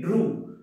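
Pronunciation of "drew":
'drew' is pronounced correctly here.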